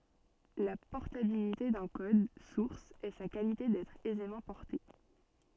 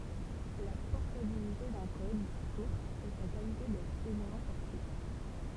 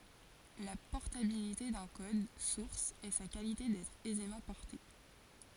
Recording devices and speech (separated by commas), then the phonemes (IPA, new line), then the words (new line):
soft in-ear microphone, temple vibration pickup, forehead accelerometer, read sentence
la pɔʁtabilite dœ̃ kɔd suʁs ɛ sa kalite dɛtʁ ɛzemɑ̃ pɔʁte
La portabilité d'un code source est sa qualité d'être aisément porté.